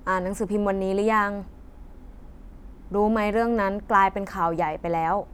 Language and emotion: Thai, frustrated